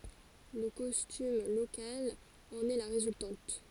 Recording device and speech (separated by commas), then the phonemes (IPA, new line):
forehead accelerometer, read sentence
lə kɔstym lokal ɑ̃n ɛ la ʁezyltɑ̃t